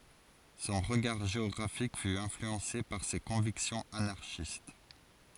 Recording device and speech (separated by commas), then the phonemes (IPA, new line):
forehead accelerometer, read sentence
sɔ̃ ʁəɡaʁ ʒeɔɡʁafik fy ɛ̃flyɑ̃se paʁ se kɔ̃viksjɔ̃z anaʁʃist